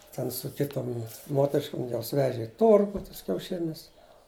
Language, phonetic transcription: Lithuanian, ˈten su ˈkitom ˈmoteriškom ˈjos ˈveže i ˈtorgu ˈtuos kiauˈšinius

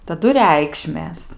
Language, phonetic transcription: Lithuanian, taˈdu ˈreikšmės

